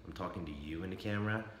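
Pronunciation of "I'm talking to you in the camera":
'I'm talking to you in the camera' is said with doubt. The voice goes up as it does in a question, then flattens out at the end.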